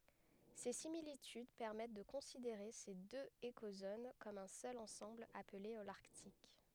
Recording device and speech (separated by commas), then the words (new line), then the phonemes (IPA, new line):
headset microphone, read sentence
Ces similitudes permettent de considérer ces deux écozones comme un seul ensemble appelé Holarctique.
se similityd pɛʁmɛt də kɔ̃sideʁe se døz ekozon kɔm œ̃ sœl ɑ̃sɑ̃bl aple olaʁtik